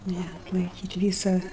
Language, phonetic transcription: Lithuanian, ne atlaiˈkyt' ˈvysa

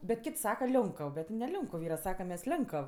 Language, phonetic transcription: Lithuanian, bet ˈkit' ˈsaka ˈlionkəv ˈbet ne ˈlionkuv ˈyra ˈsakam ˈmes ˈlenkəv

